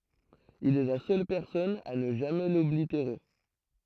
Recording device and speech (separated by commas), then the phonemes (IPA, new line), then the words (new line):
throat microphone, read sentence
il ɛ la sœl pɛʁsɔn a nə ʒamɛ lɔbliteʁe
Il est la seule personne à ne jamais l’oblitérer.